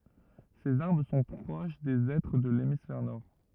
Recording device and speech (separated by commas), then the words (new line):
rigid in-ear microphone, read sentence
Ces arbres sont proches des hêtres de l'hémisphère nord.